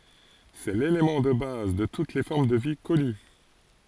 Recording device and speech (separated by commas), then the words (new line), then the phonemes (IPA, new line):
forehead accelerometer, read sentence
C'est l'élément de base de toutes les formes de vie connues.
sɛ lelemɑ̃ də baz də tut le fɔʁm də vi kɔny